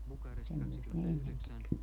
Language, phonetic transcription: Finnish, semmoi̮st ne 'ennen tek .
- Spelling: semmoista ne ennen teki

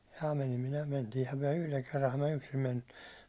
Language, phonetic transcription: Finnish, ja 'menim minä 'mentiihäm myäₒ 'yhleŋ kerraham mä 'yksim menim mut ,.
- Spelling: ja menin minä mentiinhän me yhden kerran minä yksin menin mutta

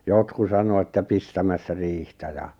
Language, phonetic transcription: Finnish, jotku 'sano että 'pistämässä riihtä ja ,.
- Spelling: jotkut sanoi että pistämässä riihtä ja

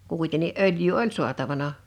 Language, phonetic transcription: Finnish, kùitenni "’ölj̀yy "oĺ "su̬atavana .
- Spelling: kuitenkin öljyä oli saatavana

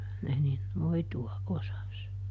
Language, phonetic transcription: Finnish, ˈkyllä ne nin , ˈnoitu₍aʼ ˈʼosas .
- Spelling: kyllä ne niin noitua osasi

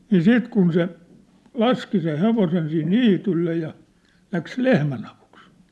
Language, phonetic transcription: Finnish, nii "siit 'kun se , "laski seʰ "hevosen sih "niitylle ja , läks "lehmän ‿avuks .
- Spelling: niin sitten kun se laski sen hevosen siihen niitylle ja lähti lehmän avuksi

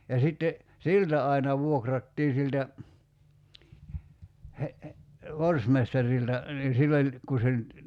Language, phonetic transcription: Finnish, ja 'sitte , "siltä aina 'vuokrattii siltä , he- , 'vorsmestarilta , nii 'sill ‿oĺ , 'ku se nʸt ,.
- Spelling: ja sitten siltä aina vuokrattiin siltä - forstmestarilta niin sillä oli kun se nyt

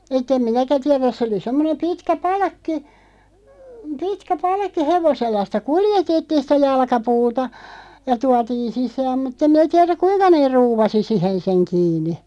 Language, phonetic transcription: Finnish, et'ᵗ ‿em "minäkä 'tiɛräs 'sᵉ oli 'semmonem 'pitkä "palᵃkki , "pitkä 'palkki 'hevosella sⁱtä "kuljetettiin̬ 'sⁱtä 'jalᵃkapuuta , ja "tuatiin̬ 'sisääm mut't ‿em mⁱnä 'tiɛräk "kuiŋka neeʳ 'ruuvasi "sihen seŋ 'kiini .
- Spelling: että en minäkään tiedä se oli semmoinen pitkä palkki pitkä palkki hevosella sitä kuljetettiin sitä jalkapuuta ja tuotiin sisään mutta en minä tiedä kuinka ne ruuvasi siihen sen kiinni

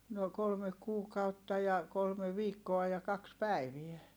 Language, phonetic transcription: Finnish, no kolme kuukautta ja , kolme viikkoa ja kaks pä̀iviɛ .
- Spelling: no kolme kuukautta ja kolme viikkoa ja kaksi päivää

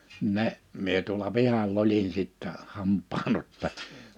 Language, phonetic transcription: Finnish, 'ne , 'mie tuola 'pihal'l ‿olin sittɛ 'hamp̆paan ‿otta[ja] .
- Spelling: ne minä tuolla pihalla olin sitten hampaan ottaja

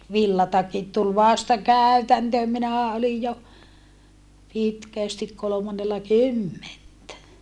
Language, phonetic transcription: Finnish, villatakit tul vasta kä̀y̬täntööm minähä olij jo , pitkä̀stik kolomannella kymmentä .
- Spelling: villatakit tuli vasta käytäntöön minähän olin jo pitkästi kolmannella kymmentä

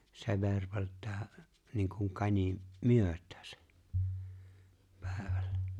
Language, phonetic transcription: Finnish, se 'ver(vɛlt̀ää) niiŋkuŋ 'kańi , "myöt̀ᴀ̈ᴀ̈sᴀ̈ , 'pä̀evᴀ̈ʟʟᴀ̈ .
- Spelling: se virveltää niin kuin kani myötäänsä päivällä

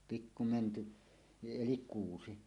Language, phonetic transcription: Finnish, 'pikku 'mänty , "elik 'kuusi .
- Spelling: pikku mänty eli kuusi

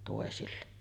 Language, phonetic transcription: Finnish, tòesille .
- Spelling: toisille

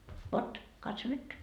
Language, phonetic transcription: Finnish, 'vot , 'katso nyt .
- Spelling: vot katso nyt

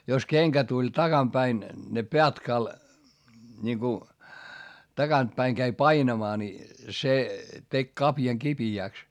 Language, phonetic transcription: Finnish, jos keŋkä tuĺ takam päin , ne - - niŋku , taGant päiŋ käi painamaa ni , se , tek kapjaŋ kipi₍ä̀ks .
- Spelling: jos kenkä tuli takana päin ne - niin kun takaa päin kävi painamaan niin se teki kavion kipeäksi

